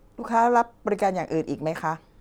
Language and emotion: Thai, neutral